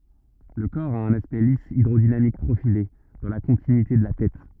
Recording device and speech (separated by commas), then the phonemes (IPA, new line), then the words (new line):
rigid in-ear microphone, read sentence
lə kɔʁ a œ̃n aspɛkt lis idʁodinamik pʁofile dɑ̃ la kɔ̃tinyite də la tɛt
Le corps a un aspect lisse hydrodynamique profilé dans la continuité de la tête.